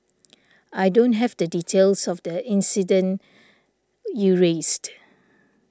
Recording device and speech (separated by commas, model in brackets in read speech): standing microphone (AKG C214), read sentence